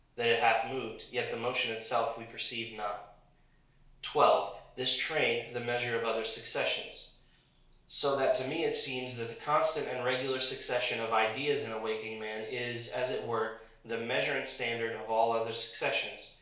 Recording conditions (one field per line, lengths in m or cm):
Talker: one person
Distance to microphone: 1.0 m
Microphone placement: close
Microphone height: 1.1 m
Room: small (3.7 m by 2.7 m)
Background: none